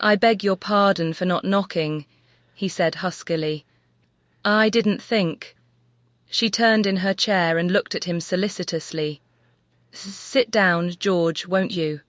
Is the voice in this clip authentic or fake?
fake